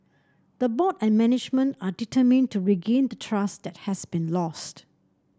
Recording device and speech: standing microphone (AKG C214), read sentence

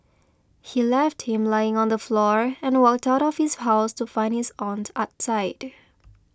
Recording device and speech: close-talking microphone (WH20), read sentence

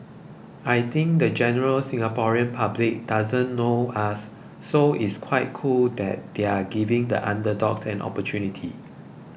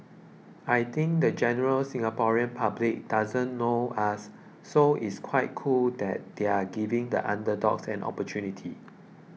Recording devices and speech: boundary microphone (BM630), mobile phone (iPhone 6), read sentence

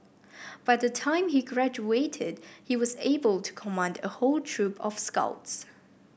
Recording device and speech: boundary microphone (BM630), read sentence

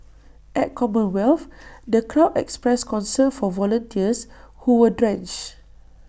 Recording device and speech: boundary microphone (BM630), read sentence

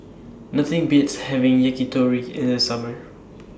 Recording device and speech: standing microphone (AKG C214), read sentence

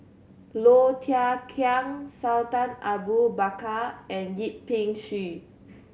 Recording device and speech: mobile phone (Samsung C7100), read sentence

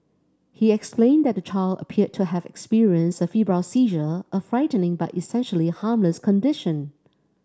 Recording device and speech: standing microphone (AKG C214), read sentence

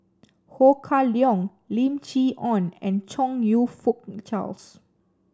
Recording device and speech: standing microphone (AKG C214), read sentence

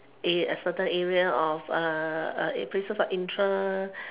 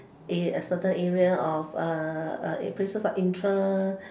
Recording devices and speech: telephone, standing microphone, conversation in separate rooms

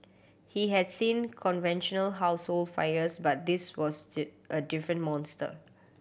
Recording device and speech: boundary microphone (BM630), read sentence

